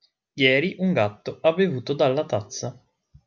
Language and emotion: Italian, neutral